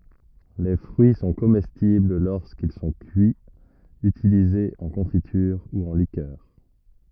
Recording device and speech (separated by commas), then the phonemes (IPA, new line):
rigid in-ear microphone, read sentence
le fʁyi sɔ̃ komɛstibl loʁskil sɔ̃ kyiz ytilizez ɑ̃ kɔ̃fityʁ u ɑ̃ likœʁ